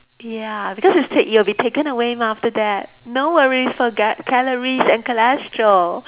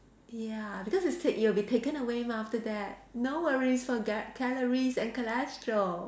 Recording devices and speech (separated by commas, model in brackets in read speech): telephone, standing microphone, conversation in separate rooms